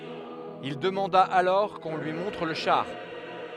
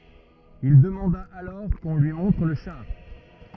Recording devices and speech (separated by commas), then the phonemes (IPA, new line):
headset microphone, rigid in-ear microphone, read sentence
il dəmɑ̃da alɔʁ kɔ̃ lyi mɔ̃tʁ lə ʃaʁ